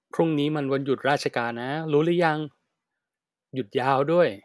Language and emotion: Thai, happy